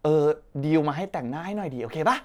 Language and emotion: Thai, happy